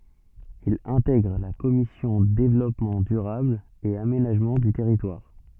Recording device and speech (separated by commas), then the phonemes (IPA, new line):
soft in-ear microphone, read sentence
il ɛ̃tɛɡʁ la kɔmisjɔ̃ devlɔpmɑ̃ dyʁabl e amenaʒmɑ̃ dy tɛʁitwaʁ